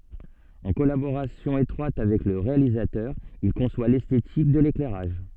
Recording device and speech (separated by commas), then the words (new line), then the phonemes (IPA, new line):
soft in-ear microphone, read sentence
En collaboration étroite avec le réalisateur, il conçoit l'esthétique de l'éclairage.
ɑ̃ kɔlaboʁasjɔ̃ etʁwat avɛk lə ʁealizatœʁ il kɔ̃swa lɛstetik də leklɛʁaʒ